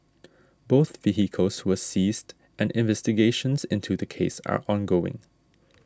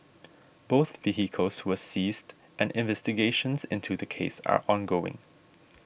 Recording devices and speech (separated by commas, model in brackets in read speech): standing microphone (AKG C214), boundary microphone (BM630), read sentence